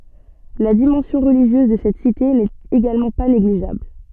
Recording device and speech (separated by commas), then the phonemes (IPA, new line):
soft in-ear microphone, read sentence
la dimɑ̃sjɔ̃ ʁəliʒjøz də sɛt site nɛt eɡalmɑ̃ pa neɡliʒabl